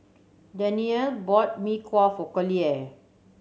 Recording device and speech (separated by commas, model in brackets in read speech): mobile phone (Samsung C7100), read sentence